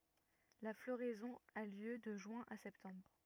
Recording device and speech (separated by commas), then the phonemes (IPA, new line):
rigid in-ear microphone, read sentence
la floʁɛzɔ̃ a ljø də ʒyɛ̃ a sɛptɑ̃bʁ